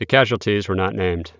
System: none